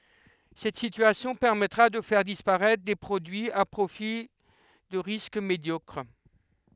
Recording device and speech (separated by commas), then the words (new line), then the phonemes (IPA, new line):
headset microphone, read sentence
Cette situation permettra de faire disparaître des produits à profil de risque médiocre.
sɛt sityasjɔ̃ pɛʁmɛtʁa də fɛʁ dispaʁɛtʁ de pʁodyiz a pʁofil də ʁisk medjɔkʁ